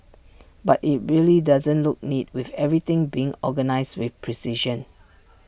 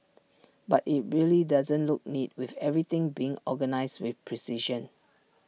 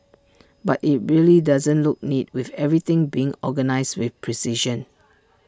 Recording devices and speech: boundary microphone (BM630), mobile phone (iPhone 6), standing microphone (AKG C214), read sentence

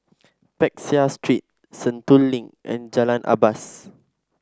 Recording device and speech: standing microphone (AKG C214), read sentence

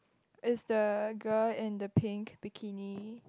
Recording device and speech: close-talking microphone, conversation in the same room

